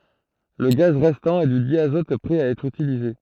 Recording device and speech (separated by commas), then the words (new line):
throat microphone, read sentence
Le gaz restant est du diazote prêt à être utilisé.